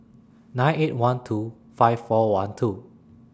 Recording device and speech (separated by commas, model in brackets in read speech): standing microphone (AKG C214), read sentence